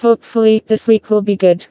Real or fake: fake